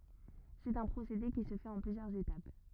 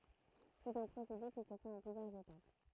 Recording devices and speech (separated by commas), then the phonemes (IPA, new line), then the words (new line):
rigid in-ear microphone, throat microphone, read sentence
sɛt œ̃ pʁosede ki sə fɛt ɑ̃ plyzjœʁz etap
C'est un procédé qui se fait en plusieurs étapes.